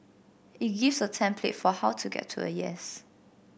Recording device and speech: boundary microphone (BM630), read sentence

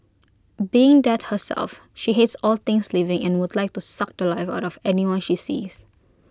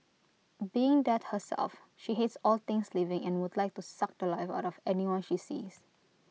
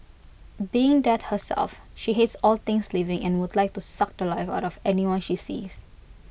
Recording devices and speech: close-talking microphone (WH20), mobile phone (iPhone 6), boundary microphone (BM630), read sentence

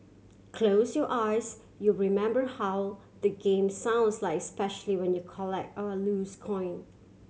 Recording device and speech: mobile phone (Samsung C7100), read sentence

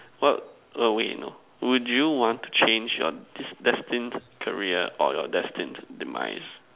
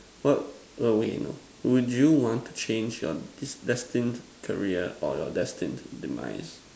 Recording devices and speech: telephone, standing microphone, conversation in separate rooms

